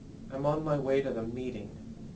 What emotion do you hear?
neutral